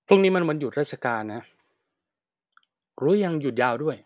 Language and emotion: Thai, neutral